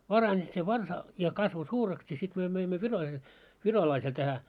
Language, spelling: Finnish, parani se varsa ja kasvoi suureksi ja sitten me möimme - virolaiselle tähän
- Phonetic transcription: 'parańi se "varsa , ja kasvo 'suureks ja sit myö möimmö 'virolai- , 'virolaisel tähä .

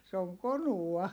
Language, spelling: Finnish, se on konua
- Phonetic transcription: se oŋ konua .

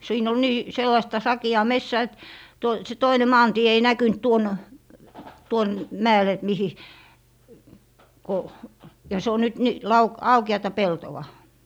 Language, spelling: Finnish, siinä oli niin sellaista sakeaa metsää että - se toinen maantie ei näkynyt tuonne tuonne mäelle että mihin kun ja se on nyt - - aukeata peltoa
- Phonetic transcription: 'siin ‿ol "nii , 'sellaⁱsta 'saki₍aa "messää et , toi - se 'toine "maantie ei 'näkynt 'tuon , 'tuon "mäel ‿et mihi , ko , ja se o 'nyt ni - lau - 'auke₍ata "peltowa .

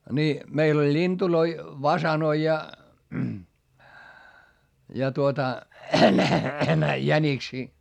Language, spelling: Finnish, niin meillä oli lintuja fasaaneja ja ja tuota jäniksiä
- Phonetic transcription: ni , meil ‿oĺ ĺintuloi , vasanoi ja , ja tuota , jäniksii .

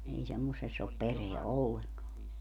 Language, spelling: Finnish, ei semmoisessa ole perää ollenkaan
- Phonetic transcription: ei 'semmosess ‿op "pereä 'olleŋkaa .

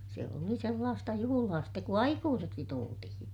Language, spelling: Finnish, se oli sellaista juhlaa sitten kun aikuiseksi tultiin
- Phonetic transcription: se oli sellaasta juhulaa stek ku aikuuseksi tultihiḭ .

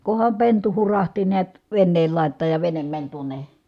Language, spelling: Finnish, kunhan pentu hurahti näet veneen laitaan ja vene meni tuonne
- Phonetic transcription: kuham pentu hurahti niät , venneel lài̮t̆taaj ja venem mäń tuone ,.

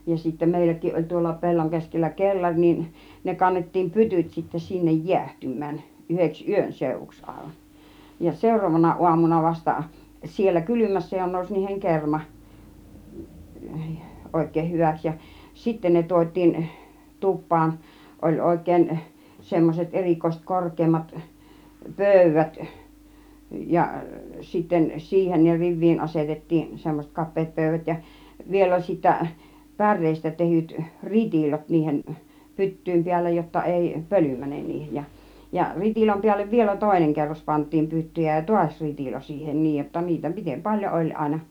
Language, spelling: Finnish, ja sitten meilläkin oli tuolla pellon keskellä kellari niin ne kannettiin pytyt sitten sinne jäähtymään yhdeksi yön seuduksi aivan ja seuraavana aamuna vasta siellä kylmässä jo nousi niihin kerma oikein hyväksi ja sitten ne tuotiin tupaan oli oikein semmoiset erikoiset korkeammat pöydät ja sitten siihen ne riviin asetettiin semmoiset kapeat pöydät ja vielä oli sitten päreestä tehdyt ritilot niiden pyttyjen päällä jotta ei pöly mene niihin ja ja ritilän päälle vielä toinen kerros pantiin pyttyjä ja taas ritilo siihen niin jotta niitä miten paljon oli aina
- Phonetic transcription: ja sittä 'mèilläkiˀ ˀoĺ tuolla 'pe̬lloŋ keskellä 'kellar niin , 'ne kannettiim "pytyt sitte sinnej "jiähtym̆män , yheks "yön 'sèuvuks àivaˀ , ja 'sèur̆roovana 'uamuna vasta , siellä 'kylymässä jo 'nòus niiheŋ 'kerma , òik̆keeh 'hyväks ja , 'sitte ne 'tuot́̆tiin , "tup̆paan , oĺ 'òik̆kèin , semmoset "erĭkòiset , "kork̆keemmat , "pö̀yvät , ja , sitten , 'siihen ne "riv̆viin 'asetettiin̬ , semmos͕et 'kap̆peet 'pö̀yvät ja , 'viel ‿oĺ sittä , "pär̆reestä tehyt , "ritìlot niihen , 'pyttỳim 'piällä jotta 'èi , "pöly 'mänen niihej ja , ja 'ritiläm piällev vielä "tòineŋ 'kerros pant̆tiim 'pyttyjä ja "tuaś 'ritilo siihen 'niij jotta niitä , mitem 'paĺjo oĺ àina .

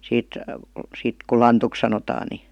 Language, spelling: Finnish, siitä siitä kun lantuksi sanotaan niin
- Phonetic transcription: 'siit , 'siit ku "lantuk sanotaa ni .

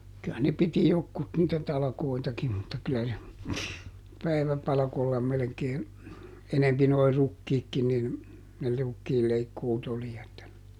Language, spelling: Finnish, kyllä ne piti jotkut niitä talkoitakin mutta kyllä se päiväpalkoilla melkein enempi nuo rukiitkin niin ne rukiinleikkuut oli että
- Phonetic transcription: ky₍ä ne ˈpiti ˈjokkut niitä ˈtalᵃkoitakim mutta kylä se , "päiväpalᵃkolla melᵉkee , ˈenempi noi "rukkiikki nin , ne ˈrukkiilleikkuut oli että ,.

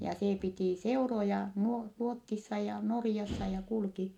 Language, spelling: Finnish, ja se piti seuroja - Ruotsissa ja Norjassa ja kulki
- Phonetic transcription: ja see pitì seuroja , nuo- , Ruottissa ja Norⁱjassa ja kulki .

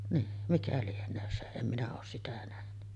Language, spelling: Finnish, niin mikä lienee se en minä ole sitä nähnyt
- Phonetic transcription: nii , 'mikä lien̆nöön se , 'em minä oos 'sitä nähny .

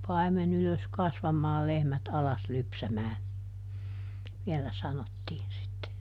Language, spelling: Finnish, paimen ylös kasvamaan lehmät alas lypsämään vielä sanottiin sitten
- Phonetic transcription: » ˈpaimen ‿ylös ˈkasvamaa ˈlehmät alas ˈlypsämää » , ˈviɛlä "sanottiin sitte .

